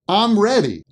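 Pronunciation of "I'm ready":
In 'I'm ready', 'I'm' is pronounced as 'um'.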